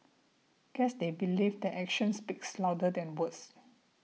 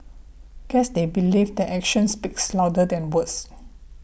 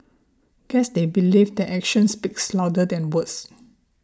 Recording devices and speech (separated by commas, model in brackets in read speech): mobile phone (iPhone 6), boundary microphone (BM630), standing microphone (AKG C214), read sentence